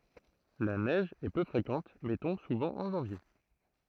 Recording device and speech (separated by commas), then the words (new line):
throat microphone, read sentence
La neige est peu fréquente mais tombe souvent en janvier.